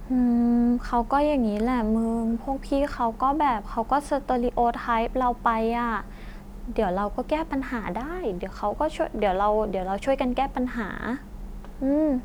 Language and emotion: Thai, frustrated